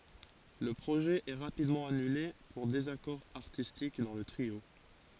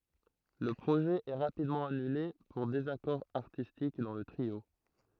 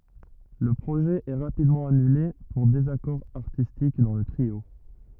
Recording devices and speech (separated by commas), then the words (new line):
forehead accelerometer, throat microphone, rigid in-ear microphone, read sentence
Le projet est rapidement annulé pour désaccord artistique dans le trio.